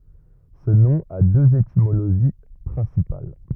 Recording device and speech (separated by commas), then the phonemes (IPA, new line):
rigid in-ear microphone, read sentence
sə nɔ̃ a døz etimoloʒi pʁɛ̃sipal